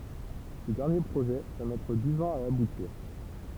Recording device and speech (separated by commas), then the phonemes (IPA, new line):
temple vibration pickup, read sentence
sə dɛʁnje pʁoʒɛ va mɛtʁ diz ɑ̃z a abutiʁ